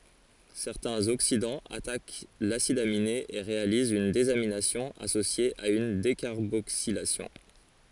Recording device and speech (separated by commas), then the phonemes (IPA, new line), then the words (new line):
forehead accelerometer, read sentence
sɛʁtɛ̃z oksidɑ̃z atak lasid amine e ʁealizt yn dezaminasjɔ̃ asosje a yn dekaʁboksilasjɔ̃
Certains oxydants attaquent l'acide aminé et réalisent une désamination associée à une décarboxylation.